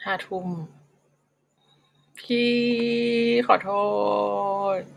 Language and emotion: Thai, sad